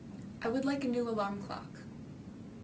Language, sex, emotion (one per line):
English
female
neutral